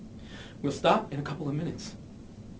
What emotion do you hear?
disgusted